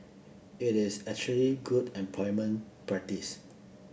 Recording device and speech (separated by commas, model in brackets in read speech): boundary microphone (BM630), read sentence